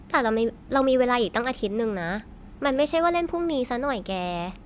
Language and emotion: Thai, neutral